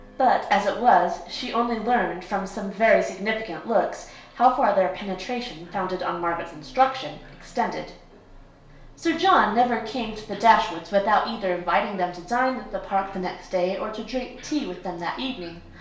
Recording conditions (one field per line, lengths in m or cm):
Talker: one person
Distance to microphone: 1.0 m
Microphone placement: close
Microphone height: 1.1 m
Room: small (3.7 m by 2.7 m)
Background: television